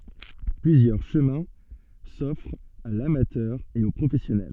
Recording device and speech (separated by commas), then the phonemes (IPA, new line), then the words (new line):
soft in-ear microphone, read sentence
plyzjœʁ ʃəmɛ̃ sɔfʁt a lamatœʁ e o pʁofɛsjɔnɛl
Plusieurs chemins s'offrent à l'amateur et au professionnel.